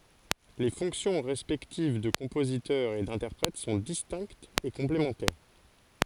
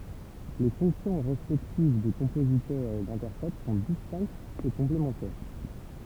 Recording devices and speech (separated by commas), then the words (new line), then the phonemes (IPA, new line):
forehead accelerometer, temple vibration pickup, read sentence
Les fonctions respectives de compositeur et d'interprète sont distinctes et complémentaires.
le fɔ̃ksjɔ̃ ʁɛspɛktiv də kɔ̃pozitœʁ e dɛ̃tɛʁpʁɛt sɔ̃ distɛ̃ktz e kɔ̃plemɑ̃tɛʁ